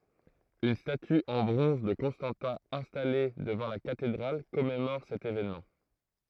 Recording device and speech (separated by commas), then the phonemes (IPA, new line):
throat microphone, read sentence
yn staty ɑ̃ bʁɔ̃z də kɔ̃stɑ̃tɛ̃ ɛ̃stale dəvɑ̃ la katedʁal kɔmemɔʁ sɛt evenmɑ̃